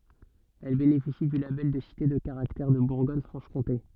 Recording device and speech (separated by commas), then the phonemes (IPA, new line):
soft in-ear microphone, read sentence
ɛl benefisi dy labɛl də site də kaʁaktɛʁ də buʁɡɔɲ fʁɑ̃ʃ kɔ̃te